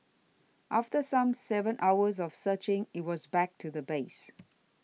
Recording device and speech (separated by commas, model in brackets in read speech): mobile phone (iPhone 6), read sentence